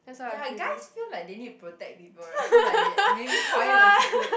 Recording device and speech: boundary microphone, conversation in the same room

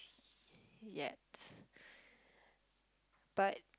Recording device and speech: close-talking microphone, conversation in the same room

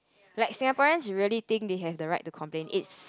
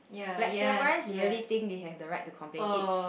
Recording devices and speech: close-talking microphone, boundary microphone, conversation in the same room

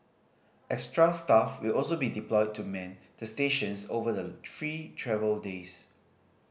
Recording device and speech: boundary microphone (BM630), read sentence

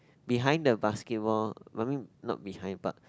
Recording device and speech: close-talking microphone, conversation in the same room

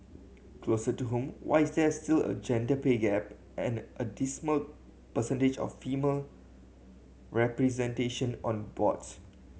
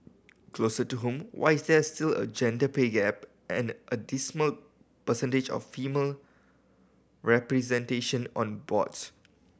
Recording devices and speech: mobile phone (Samsung C7100), boundary microphone (BM630), read sentence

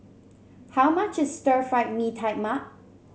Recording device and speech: mobile phone (Samsung C7), read sentence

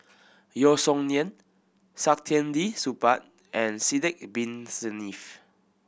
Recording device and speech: boundary microphone (BM630), read sentence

